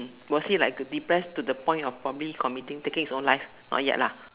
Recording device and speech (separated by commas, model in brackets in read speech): telephone, conversation in separate rooms